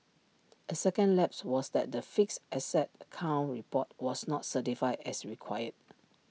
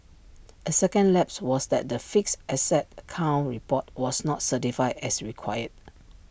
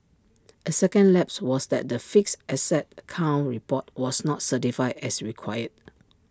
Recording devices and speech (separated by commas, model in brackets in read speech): mobile phone (iPhone 6), boundary microphone (BM630), standing microphone (AKG C214), read sentence